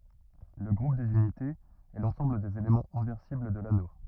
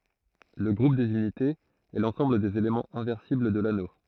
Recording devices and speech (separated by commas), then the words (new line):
rigid in-ear microphone, throat microphone, read sentence
Le groupe des unités, est l'ensemble des éléments inversibles de l'anneau.